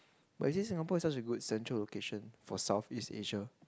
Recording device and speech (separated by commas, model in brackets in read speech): close-talking microphone, conversation in the same room